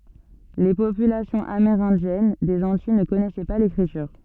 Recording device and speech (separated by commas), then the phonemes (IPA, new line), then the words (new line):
soft in-ear microphone, read sentence
le popylasjɔ̃z ameʁɛ̃djɛn dez ɑ̃tij nə kɔnɛsɛ pa lekʁityʁ
Les populations amérindiennes des Antilles ne connaissaient pas l'écriture.